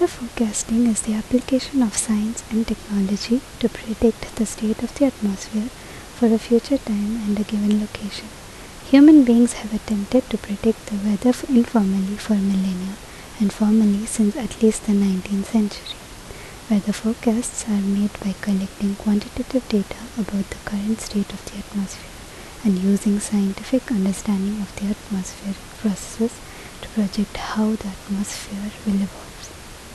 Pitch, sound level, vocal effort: 215 Hz, 71 dB SPL, soft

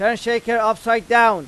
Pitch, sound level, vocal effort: 230 Hz, 101 dB SPL, very loud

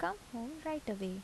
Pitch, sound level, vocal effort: 235 Hz, 76 dB SPL, soft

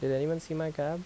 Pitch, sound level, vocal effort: 160 Hz, 83 dB SPL, normal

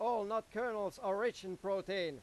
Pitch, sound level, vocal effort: 195 Hz, 101 dB SPL, very loud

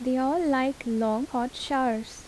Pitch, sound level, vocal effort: 255 Hz, 78 dB SPL, soft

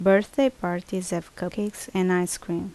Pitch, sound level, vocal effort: 190 Hz, 77 dB SPL, normal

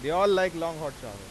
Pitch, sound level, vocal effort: 165 Hz, 99 dB SPL, loud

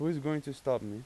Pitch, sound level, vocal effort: 140 Hz, 89 dB SPL, normal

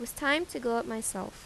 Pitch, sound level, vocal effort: 235 Hz, 83 dB SPL, normal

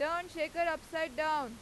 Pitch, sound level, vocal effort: 315 Hz, 99 dB SPL, very loud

